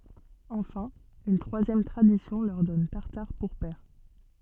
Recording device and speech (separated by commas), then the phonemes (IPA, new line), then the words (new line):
soft in-ear microphone, read sentence
ɑ̃fɛ̃ yn tʁwazjɛm tʁadisjɔ̃ lœʁ dɔn taʁtaʁ puʁ pɛʁ
Enfin, une troisième tradition leur donne Tartare pour père.